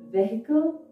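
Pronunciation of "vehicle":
'Vehicle' is pronounced incorrectly here.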